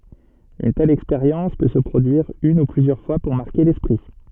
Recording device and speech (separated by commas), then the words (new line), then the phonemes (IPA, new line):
soft in-ear microphone, read sentence
Une telle expérience peut se produire une ou plusieurs fois pour marquer l'esprit.
yn tɛl ɛkspeʁjɑ̃s pø sə pʁodyiʁ yn u plyzjœʁ fwa puʁ maʁke lɛspʁi